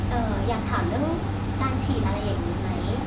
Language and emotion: Thai, neutral